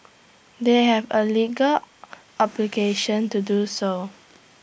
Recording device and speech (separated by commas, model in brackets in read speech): boundary microphone (BM630), read sentence